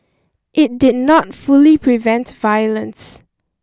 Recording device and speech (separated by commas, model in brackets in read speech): standing microphone (AKG C214), read sentence